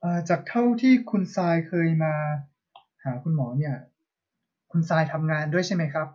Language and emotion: Thai, neutral